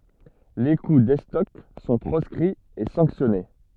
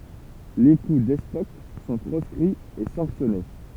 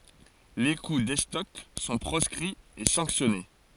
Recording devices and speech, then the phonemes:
soft in-ear microphone, temple vibration pickup, forehead accelerometer, read sentence
le ku dɛstɔk sɔ̃ pʁɔskʁiz e sɑ̃ksjɔne

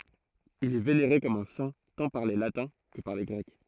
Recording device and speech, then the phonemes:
throat microphone, read sentence
il ɛ veneʁe kɔm œ̃ sɛ̃ tɑ̃ paʁ le latɛ̃ kə paʁ le ɡʁɛk

